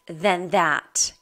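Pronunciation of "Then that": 'Than that' is said in connected speech, with the two words connected.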